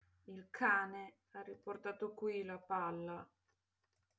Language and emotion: Italian, sad